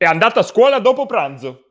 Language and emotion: Italian, angry